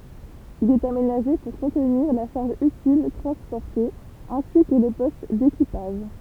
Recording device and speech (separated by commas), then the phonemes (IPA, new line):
temple vibration pickup, read sentence
il ɛt amenaʒe puʁ kɔ̃tniʁ la ʃaʁʒ ytil tʁɑ̃spɔʁte ɛ̃si kə lə pɔst dekipaʒ